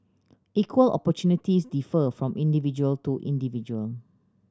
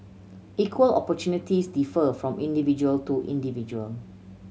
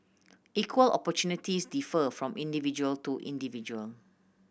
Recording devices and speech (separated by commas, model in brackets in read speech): standing microphone (AKG C214), mobile phone (Samsung C7100), boundary microphone (BM630), read sentence